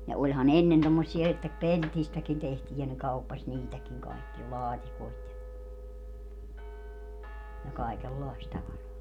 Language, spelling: Finnish, ja olihan ennen tuommoisia että pellistäkin tehtiin ja ne kauppasi niitäkin kaikkia laatikoita ja ja kaikenlaista tavaraa
- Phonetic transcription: ja oĺha'n ‿ennen tommossie että , "peltistäkin tehtii ja ne 'kauppaś "niitäkiŋ kaikkia "laatikoit ja , ja 'kàikel"làist 'tavaraa .

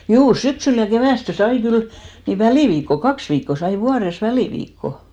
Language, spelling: Finnish, juu syksyllä ja keväästi sai kyllä niin väliviikko kaksi viikkoa sai vuodessa väliviikkoa
- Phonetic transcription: 'juu , 'syksyl ja 'kevä̀ste "sai kyl , ni "välìviikko , "kaks viikko 'sai "vuares 'välìviikko .

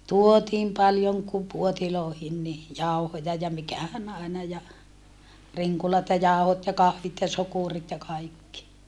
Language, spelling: Finnish, tuotiin paljon kun puoteihin niin jauhoja ja mikähän aina ja rinkulat ja jauhot ja kahvit ja sokerit ja kaikki
- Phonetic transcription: tuotiim paljoŋ ku puotiloohin ni , jau̬hoja ja mikähän àina ja , riŋkulat ja jàu̬hot ja kahvit ja sokurit ja kaikki .

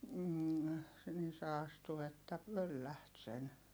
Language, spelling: Finnish, - niin se astui että pöllähti sen
- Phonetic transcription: m̥ , nin se astu että pölläht sen .

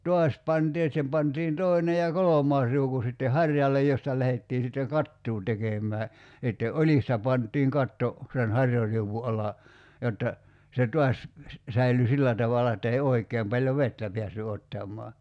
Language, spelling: Finnish, taas pantiin että siihen pantiin toinen ja kolmas riuku sitten harjalle josta lähdettiin sitten kattoa tekemään ja sitten oljista pantiin katto sen harjariu'un alle jotta se taas säilyi sillä tavalla että ei oikein paljon vettä päässyt ottamaan
- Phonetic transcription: "tuas 'pantii et (sihem) 'pantiin 'tòine ja "kolom̀aas riuku sitte "harjallej 'josta lähettii sitteŋ "kattuu 'tekem̆mää , ja (sit)te "oĺista 'pant̆tiiŋ 'katto , sen "harjariuvvu ala , 'jotta , se 'tuas , 'säily "sillä tavala että ei 'oik̀eem paĺjo "vettä piässy 'ottam̆mɔa .

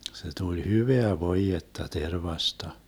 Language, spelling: Finnish, se tuli hyvää voidetta tervasta
- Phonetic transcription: se tuĺ "hyveä 'voijetta 'tervasta .

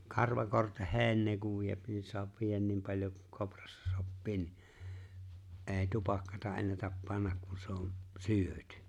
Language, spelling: Finnish, karvakorteheinää kun vie niin saa viedä niin paljon kuin kouraan sopii niin ei tupakkaa ennätä panna kun se on syöty
- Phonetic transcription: karvakorteh'he̬e̬ⁱinnee kuv 'viep nin 'soap 'viijän 'nim paĺ̀jo kᴜ 'koprᴀssᴀ 'soppii ni , '’e̬e̬ⁱ "tupakkata 'ennätäp "pannak ku se on̬ , "syö̀ty .

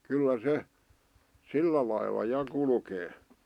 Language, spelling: Finnish, kyllä se sillä lailla ja kulkee
- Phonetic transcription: kyllä 'se , "sillä lailla 'ja 'kulkee .

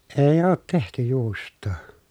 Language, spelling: Finnish, ei ole tehty juustoa
- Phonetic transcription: èi̮ oot tehty juust̀oo .

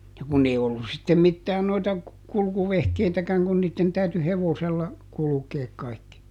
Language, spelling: Finnish, ja kun ei ollut sitten mitään noita kulkuvehkeitäkään kun niiden täytyi hevosella kulkee kaikki
- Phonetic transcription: ja ˈkun ‿ei ollus̆ sittem ˈmittään noita , ˈkulkuvehkeitäkäŋ kun niitten täyty "hevosella , ˈkulukeek ˈkaikki .

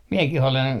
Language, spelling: Finnish, minäkin olen
- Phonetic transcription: 'miekih olen ,.

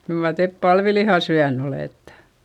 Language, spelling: Finnish, kyllä mar te palvilihaa syönyt olette
- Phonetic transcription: kyl mar tep palviliha syän ‿olèttE !

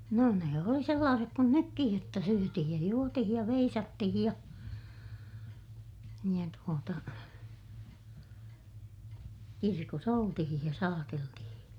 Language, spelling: Finnish, no ne oli sellaiset kuin nytkin jotta syötiin ja juotiin ja veisattiin ja ja tuota kirkossa oltiin ja saateltiin
- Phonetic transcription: no ne oli sellaasek kun nykkij jotta syötihij ja juotihij ja veisattihij ja , ja tuota , kirkos ‿oltihij ja saateltihiḭ .

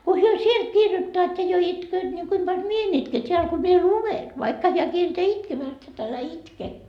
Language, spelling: Finnish, kun he sieltä kirjoittavat ja jo itkevät niin kuinka paljon minä en itke täällä kun minä luen vaikka hän kieltää itkemästä että älä itke
- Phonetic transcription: ko 'hyö "sielt 'kirjottoat ja jo 'itkööt ni 'kuim Baĺ "mie en ‿itke 't́eäl ko mie "luven , vaikka heä 'kielteä 'itkemääst et älä "itke » .

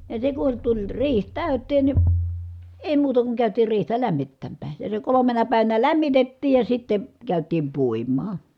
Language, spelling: Finnish, ja se kun tuli riihi täyteen niin ei muuta kuin käytiin riihtä lämmittämään ja se kolmena päivänä lämmitettiin ja sitten käytiin puimaan
- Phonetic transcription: ja se kun tuĺ riih tä̀y̬tteen ni , èi muuta kuŋ kä̀ytiir riihtä lämmittämmää , ja se kolomena pä̀ivänä lämmitettiij ja sitte , kä̀yt̀iim puim̆maa .

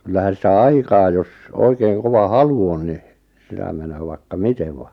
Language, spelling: Finnish, kyllähän sitä aikaa jos oikein kova halu on niin sitä menee vaikka miten vain
- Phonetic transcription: 'kyllähän̬ sitä "aikaa jos , 'oikeiŋ 'kova "halu on ni , 'sitä menöö 'vaikka "mitev va , .

